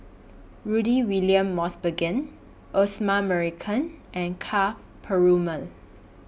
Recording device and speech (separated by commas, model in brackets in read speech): boundary microphone (BM630), read sentence